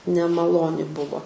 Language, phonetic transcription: Lithuanian, nemaˈloni ˈbuvo

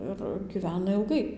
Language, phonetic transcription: Lithuanian, ir gyˈvena ilˈgai

